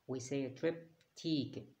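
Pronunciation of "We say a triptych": In 'triptych', the stress falls on the second syllable, not the first.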